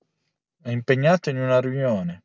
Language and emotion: Italian, neutral